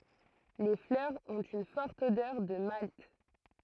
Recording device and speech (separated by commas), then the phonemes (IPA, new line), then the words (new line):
throat microphone, read sentence
le flœʁz ɔ̃t yn fɔʁt odœʁ də malt
Les fleurs ont une forte odeur de malt.